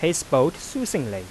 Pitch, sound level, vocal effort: 160 Hz, 90 dB SPL, normal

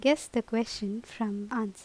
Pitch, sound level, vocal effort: 225 Hz, 81 dB SPL, normal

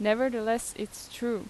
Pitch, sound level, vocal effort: 225 Hz, 85 dB SPL, normal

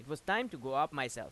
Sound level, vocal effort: 93 dB SPL, loud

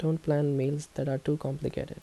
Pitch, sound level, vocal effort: 145 Hz, 74 dB SPL, soft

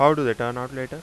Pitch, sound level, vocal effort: 130 Hz, 91 dB SPL, loud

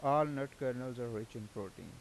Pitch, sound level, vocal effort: 125 Hz, 88 dB SPL, normal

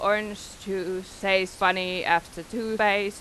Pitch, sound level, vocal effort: 190 Hz, 91 dB SPL, loud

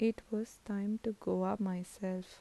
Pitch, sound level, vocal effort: 205 Hz, 77 dB SPL, soft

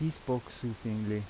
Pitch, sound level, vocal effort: 115 Hz, 82 dB SPL, normal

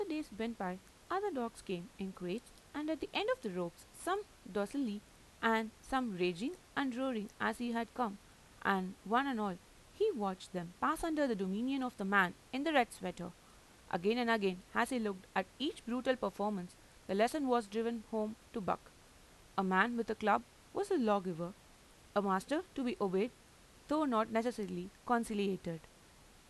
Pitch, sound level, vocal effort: 225 Hz, 86 dB SPL, normal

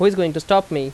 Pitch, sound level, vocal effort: 175 Hz, 90 dB SPL, loud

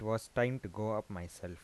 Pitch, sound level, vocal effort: 110 Hz, 83 dB SPL, soft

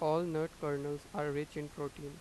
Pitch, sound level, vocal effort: 150 Hz, 90 dB SPL, normal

